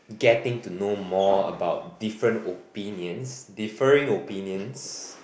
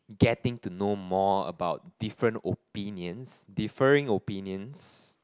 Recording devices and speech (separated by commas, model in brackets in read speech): boundary microphone, close-talking microphone, conversation in the same room